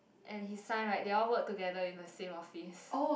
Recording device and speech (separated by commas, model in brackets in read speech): boundary microphone, conversation in the same room